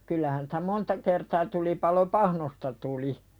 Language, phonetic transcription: Finnish, 'kyllähän sᴵtä "monta kertaa tulipalo "pahnosta tuli .
- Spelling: kyllähän sitä monta kertaa tulipalo pahnoista tuli

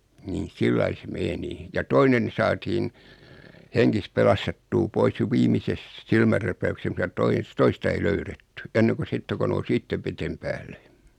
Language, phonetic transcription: Finnish, nin̬ 'sillai se 'meni ja 'toinen , 'saatiin , 'heŋkis "pelastettuu 'pois jo 'viimises , 'silmärräpäykses muta tois- , 'toista ei "löyretty 'enneko "sitte ko 'nous "ittev 'vetem päälle .
- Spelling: niin sillä lailla se meni ja toinen saatiin hengissä pelastettua pois jo viimeisessä silmänräpäyksessä mutta - toista ei löydetty ennen kuin sitten kun nousi itse veden päälle

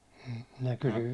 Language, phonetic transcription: Finnish, minä kysy- .
- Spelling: minä -

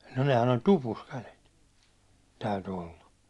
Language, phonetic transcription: Finnish, no nehän oĺ "tupus kälet , 'täyty olla .
- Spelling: no nehän oli tupussa kädet täytyi olla

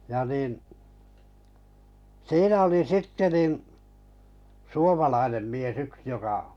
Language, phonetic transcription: Finnish, ja nìn , 'siinä oli 'sitte nin , 'suomalainem mies 'yks joka ,.
- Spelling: ja niin siinä oli sitten niin suomalainen mies yksi joka

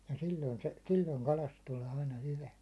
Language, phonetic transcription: Finnish, ja 'sioin se , 'sil̜l̜oiŋ kalast tulee aina 'hyvä .
- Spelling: ja silloin se silloin kalasta tulee aina hyvä

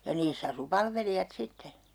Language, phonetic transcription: Finnish, ja 'niiss ‿asu 'palvelijat 'sitte .
- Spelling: ja niissä asui palvelijat sitten

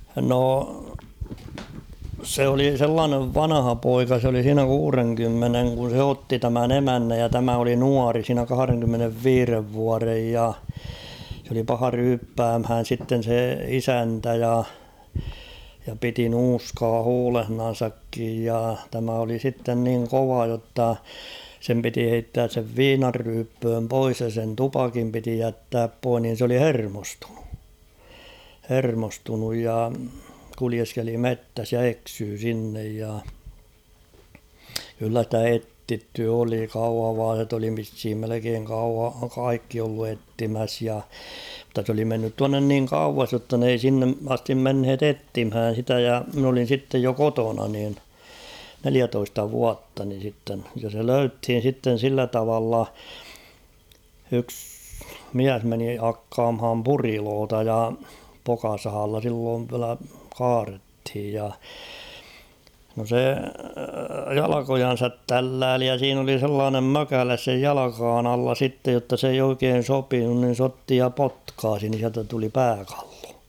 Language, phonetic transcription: Finnish, 'no , 'se oli 'sellaanev "vanaha'poika s ‿oli siinä 'kuureŋkymmeneŋ kun̬ se 'otti tämän "emännäj ja 'tämä oli "nuari siinä 'kahᵃreŋkymmenev"viirev 'vuarej ja , sᵉ ‿oli 'paha 'ryyppäämhään̬ sitten̬ se "isäntä ja , ja 'piti "nuuskaa "huulehnan̬sakkij ja tämä oli 'sitten niŋ "kova jotta , 'sem piti 'heittääs sev "viinarryyppööm 'pois ja sen "tupakim piti 'jättääp 'poih nin̬ s ‿oli "hermostᴜɴᴜ , 'hermostunuj ja 'kulieskeli "mettäs ja "eksyy 'sinnej ja ; kyllä stä "ettitty oli "kauhavaaset ‿oli vishim melekeeŋ kau- "kaikki ollu 'ettimäs ja ; mutta s ‿oli mennyt 'tuannen niiŋ "kauvas jotta n ‿ei 'sinne astim 'menhet ‿''ettimhään̬ 'sitä ja min ‿olin̬ 'sittej jo "kotona niin , "neliätoista "vuatta nin̬ sitten , ja se ''löythin̬ sitten̬ 'sillä 'tavalla , yks ''miäs meni 'hakkaamham "puriloota ja , 'pokasahalla silloov viälä "kaarethij ja ; no se 'jalakojan̬sat "tällääli ja 'siin ‿oli 'sellaanem "mökäles sej "jalakaan ‿alla 'sittej jotta s ‿eij ‿'oikeen̬ "sopinun nin̬ 's ‿otti ja "potkaasi nin̬ siältä tuli "pääkᴀʟʟᴏ .
- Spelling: no se oli sellainen vanhapoika se oli siinä kuudenkymmenen kun se otti tämän emännän ja tämä oli nuori siinä kahdenkymmenenviiden vuoden ja se oli paha ryyppäämään sitten se isäntä ja ja piti nuuskaa huulessaankin ja tämä oli sitten niin kova jotta sen piti heittää sen viinanryyppyyn pois ja sen tupakin piti jättää pois niin se oli hermostunut hermostunut ja kuljeskeli metsässä ja eksyi sinne ja kyllä sitä etsitty oli kauhavalaiset oli vissiin melkein - kaikki ollut etsimässä ja mutta se oli mennyt tuonne niin kauas jotta ne ei sinne asti menneet etsimään sitä ja minä olin sitten jo kotona niin neljätoista vuotta niin sitten ja se löydettiin sitten sillä tavalla yksi mies meni hakkaamaan puriloita ja pokasahalla silloin vielä kaadettiin ja no se jalkojansa tälläili ja siinä oli sellainen mökäle sen jalkojen alla sitten jotta se ei oikein sopinut niin se otti ja potkaisi niin sieltä tuli pääkallo

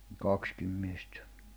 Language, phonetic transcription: Finnish, 'kakskim miestᴀ̈ .
- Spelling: kaksikin miestä

